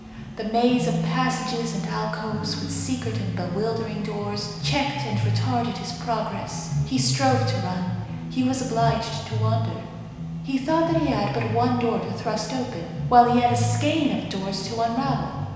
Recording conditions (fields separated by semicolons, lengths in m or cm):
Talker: one person; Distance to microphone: 1.7 m; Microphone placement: close; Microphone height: 1.0 m; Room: very reverberant, large; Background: music